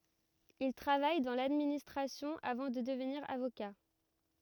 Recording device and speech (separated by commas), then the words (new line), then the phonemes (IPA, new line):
rigid in-ear microphone, read sentence
Il travaille dans l'administration avant de devenir avocat.
il tʁavaj dɑ̃ ladministʁasjɔ̃ avɑ̃ də dəvniʁ avoka